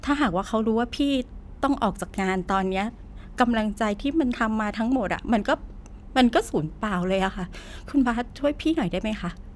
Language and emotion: Thai, sad